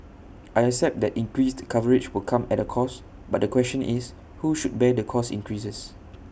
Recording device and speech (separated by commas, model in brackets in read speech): boundary microphone (BM630), read sentence